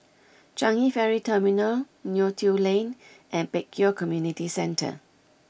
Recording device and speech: boundary microphone (BM630), read sentence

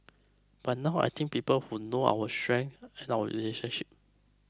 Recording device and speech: close-talking microphone (WH20), read sentence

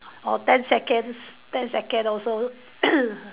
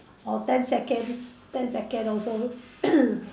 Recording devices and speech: telephone, standing microphone, conversation in separate rooms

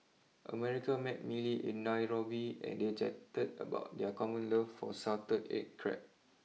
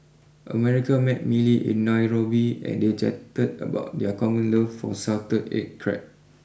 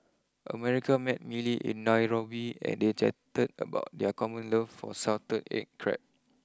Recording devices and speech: mobile phone (iPhone 6), boundary microphone (BM630), close-talking microphone (WH20), read sentence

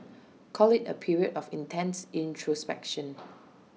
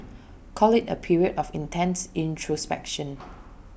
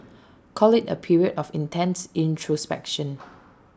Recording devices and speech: mobile phone (iPhone 6), boundary microphone (BM630), standing microphone (AKG C214), read sentence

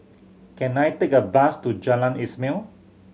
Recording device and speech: mobile phone (Samsung C7100), read sentence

